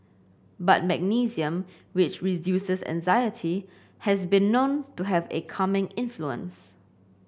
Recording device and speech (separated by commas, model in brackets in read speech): boundary microphone (BM630), read sentence